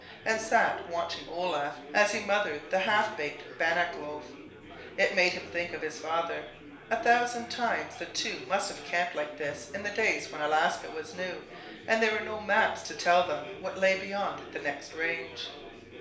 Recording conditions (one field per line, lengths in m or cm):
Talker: one person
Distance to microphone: 1.0 m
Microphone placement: close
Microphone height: 1.1 m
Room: small (3.7 m by 2.7 m)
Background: babble